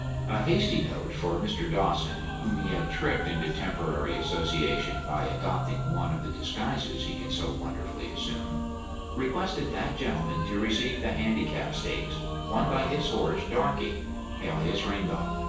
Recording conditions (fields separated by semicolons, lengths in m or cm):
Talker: one person; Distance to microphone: 9.8 m; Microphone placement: far; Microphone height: 1.8 m; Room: large; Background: music